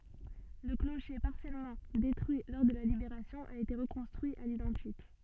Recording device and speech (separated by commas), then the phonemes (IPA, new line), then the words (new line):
soft in-ear microphone, read sentence
lə kloʃe paʁsjɛlmɑ̃ detʁyi lɔʁ də la libeʁasjɔ̃ a ete ʁəkɔ̃stʁyi a lidɑ̃tik
Le clocher, partiellement détruit lors de la Libération, a été reconstruit à l'identique.